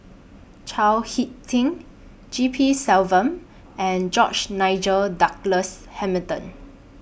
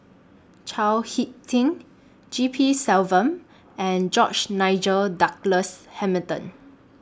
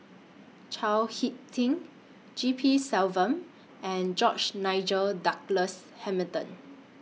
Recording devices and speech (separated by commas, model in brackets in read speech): boundary microphone (BM630), standing microphone (AKG C214), mobile phone (iPhone 6), read sentence